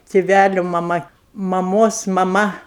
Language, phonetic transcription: Lithuanian, tiˈvæliu maˈma maˈmos maˈma

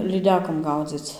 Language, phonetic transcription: Lithuanian, lyˈdekom ˈgaudzic

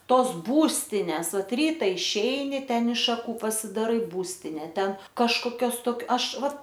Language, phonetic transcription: Lithuanian, ˈtos ˈbūstines ˈvat ˈryta išˈeini ˈten iš šaˈkų pasidaˈrai ˈbūstine ˈten kažkoˈkios tok ˈaš ˈva

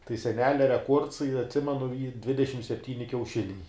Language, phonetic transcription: Lithuanian, tai seˈnelia reˈkuords i atˈsimenu ˈy ˈdvidešim sepˈtyni kiauˈšiniai

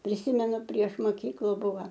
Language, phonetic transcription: Lithuanian, priˈsymenu prieš moˈkyklu ˈbuva

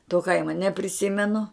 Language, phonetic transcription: Lithuanian, to ˈkaimo nepriˈsimenu

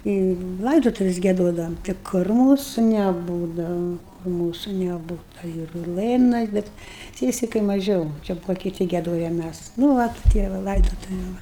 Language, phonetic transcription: Lithuanian, į ˈlaidotuvis gieˈdodavom tai ˈkur ˈmūsu neˈbūdava ˈmūsu neˈbūta ir ˈlɘnas ˈbet ˈsiesikai maˈžiau ˈčia ˈbuvo kiˈti gieˈdoja ˈmæs nu ˈvat ˈtie va ˈlaidotuviu ˈva

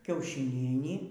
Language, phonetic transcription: Lithuanian, kiaušiˈnienį

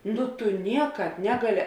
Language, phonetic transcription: Lithuanian, ˈnu tu ˈniekāp ˈnegaˌli

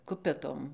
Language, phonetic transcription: Lithuanian, ˈkupetom

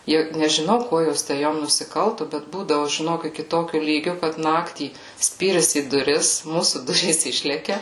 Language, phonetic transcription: Lithuanian, ˈjau nežiˈnau ˈkuo ˈjos tę ˈjom nusiˈkaltu bet ˈbūdavu žiˈnok iki ˈtokiu ˈlygiu kad ˈnaktį ˈspyris į duˈris ˈmūsų ˈdurys ˈišlekia

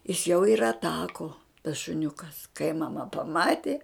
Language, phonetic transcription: Lithuanian, is jau ir atˈako tas šuˈniukas kai maˈma paˈmatė

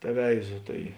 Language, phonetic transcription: Lithuanian, teˈveizo ˈtai

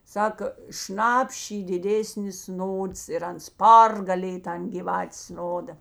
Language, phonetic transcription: Lithuanian, ˈsako ˈšnap'š' ˈy diˈdėsnis ˈnods ir ˈans ˈpargalėj ˈtan gyˈvatės ˈnoda

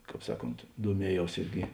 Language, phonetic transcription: Lithuanian, ˈkāp ˈsaˌkont duoˈmieˌjaus ˈirgi

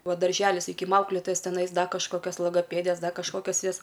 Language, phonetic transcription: Lithuanian, ˈva darˈželis saˈkykim ˈaukletojas teˈnais ˈda kažˈkokias logoˈpėdės ˈda kažˈkokias ˈjas

